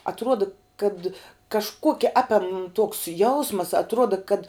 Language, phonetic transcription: Lithuanian, atˈruoda kad kažˈkuokia ˈapiam tuoks ˈjausmas atˈruoda kad

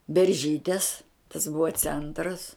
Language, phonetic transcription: Lithuanian, berˈžytės tas ˈbuva ˈcentras

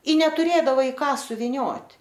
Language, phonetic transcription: Lithuanian, i netuˈrėdava i ˈką suviˈniot'

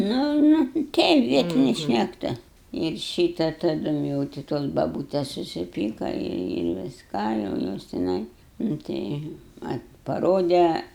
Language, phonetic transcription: Lithuanian, ˈnu ˈnu ˈteip ˈvietini šnekˈtu ir ˈšyta taˈdum jau ti ˈtos baˈbūtes susiˈpyka ir visˈką jau ˈjos tiˈnai nu ˈtai ˈvat paˈrode

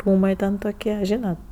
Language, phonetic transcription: Lithuanian, ˈrūmai ten toˈkie ˈžynat

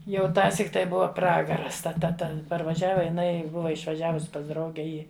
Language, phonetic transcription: Lithuanian, ˈjau ˈtąsyk tai ˈbuva ˈpragaras ta ˈta ˈten parvaˈžiava jiˈnai ˈbuva išvaˈžiavus pas ˈdrauge ˈį

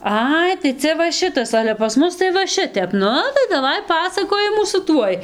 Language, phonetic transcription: Lithuanian, ˈai tai ˈcia va ˈšitas ˈale pas ˈmus tai va ˈšitep ˈnu tai daˈvai ˈpasakojimų su ˈtuoj

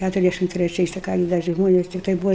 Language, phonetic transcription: Lithuanian, ˈkæturiasˌdæšim treˈčiais tai ˈką gi da ˈčia ˈžmones tikˈtai ˈbūva

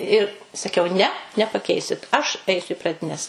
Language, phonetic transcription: Lithuanian, ir saˈkiau ne nepaˈkeisit aš ˈaisiu i pradiˈnes

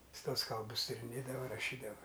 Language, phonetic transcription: Lithuanian, ˈjis ˈtuos ˈkalbus tiriˈnėdava raˈšydava

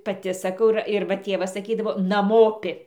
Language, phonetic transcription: Lithuanian, paˈti saˈkau ir ir ˈva ˈtėvas saˈkydavo naˈmopi

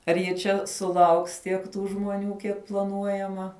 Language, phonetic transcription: Lithuanian, ar ji ˈčia suˈlauks ˈtiek ˈtų žmoˈnių ˈkiek plaˈnuojama

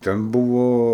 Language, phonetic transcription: Lithuanian, ˈten ˈbuvo

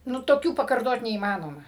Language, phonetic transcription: Lithuanian, ˈnu toˈkių pakarˈtot neįˈmanoma

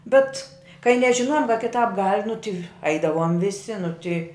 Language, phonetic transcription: Lithuanian, ˈbet kai nežiˈnojom ka kiˈtāp gal' nu ti ˈaidavom viˈsi nu ti

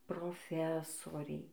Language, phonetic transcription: Lithuanian, proˈfesoriai

